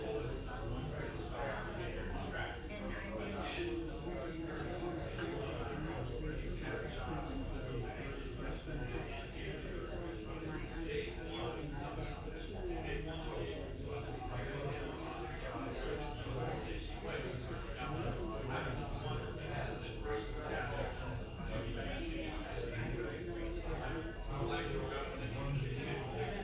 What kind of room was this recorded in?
A big room.